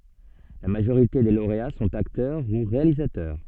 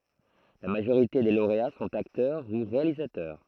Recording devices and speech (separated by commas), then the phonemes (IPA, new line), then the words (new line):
soft in-ear microphone, throat microphone, read sentence
la maʒoʁite de loʁea sɔ̃t aktœʁ u ʁealizatœʁ
La majorité des lauréats sont acteurs ou réalisateurs.